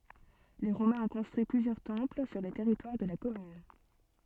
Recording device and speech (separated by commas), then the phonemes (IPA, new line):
soft in-ear microphone, read sentence
le ʁomɛ̃z ɔ̃ kɔ̃stʁyi plyzjœʁ tɑ̃pl syʁ lə tɛʁitwaʁ də la kɔmyn